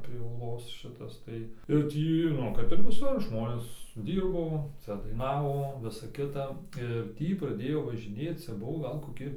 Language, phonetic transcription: Lithuanian, prie ūˈlos ˈšitas tai ir ˈtį ˈnu kap ir viˈsur ˈžmonės ˈdyrbo ˈcia daiˈnavo ˈvisa ˈkita ir ˈtį praˈdėjo važiˈnėc ˈcia ˈbuvo ˈgal koˈki

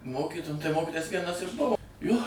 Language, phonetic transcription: Lithuanian, ˈmokyto tai ˈmokitojas tai ˈvienas ir ˈbuvo jo

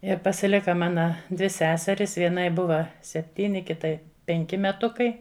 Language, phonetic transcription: Lithuanian, ir pasiˈlika ˈmana dvi ˈseseris ˈvienai ˈbuva sepˈtyni ˈkitai ˈpenki meˈtukai

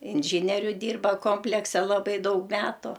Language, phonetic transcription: Lithuanian, inˈžyneriu ˈdyrba ˈkomplekse laˈbai ˈdaug ˈmetu

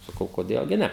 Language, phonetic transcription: Lithuanian, saˈkau koˈdėl gi ˈne

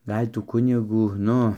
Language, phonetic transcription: Lithuanian, ˈgal' ˈtų ˈkunigų ˈnu

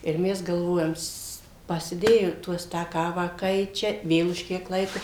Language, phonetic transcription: Lithuanian, ir ˈmes galˈvojam s pasiˈdėjo ˈtuos tą ˈkavą ˈkaičia ˈvėl už ˈkiek ˈlaiko

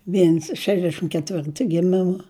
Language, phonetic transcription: Lithuanian, ˈviens ˈšešdešim keˈtvirtu giˈmima

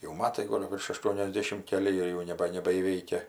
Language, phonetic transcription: Lithuanian, jau ˈmatai ˈgol virš aˌštuoniasˈdėšim keˈli ˈjai jau neˈba nebaįˈveikia

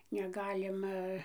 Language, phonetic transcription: Lithuanian, neˈgalima

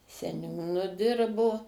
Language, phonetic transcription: Lithuanian, seˈniūnu ˈdirbo

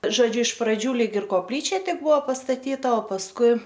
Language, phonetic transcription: Lithuanian, žoˈdžiu iš praˈdžių ˈlyg ir kopˈlyčia ˈtik ˈbuvo pastaˈtyta o pasˈkui

